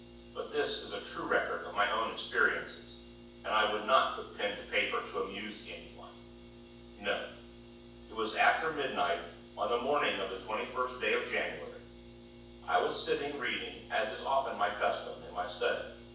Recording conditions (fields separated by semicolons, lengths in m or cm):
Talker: one person; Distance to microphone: 9.8 m; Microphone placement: far; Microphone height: 1.8 m; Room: large; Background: none